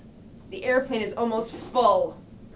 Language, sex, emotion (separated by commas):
English, female, angry